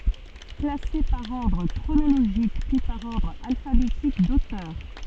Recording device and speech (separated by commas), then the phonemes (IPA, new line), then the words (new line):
soft in-ear microphone, read sentence
klase paʁ ɔʁdʁ kʁonoloʒik pyi paʁ ɔʁdʁ alfabetik dotœʁ
Classée par ordre chronologique puis par ordre alphabétique d'auteur.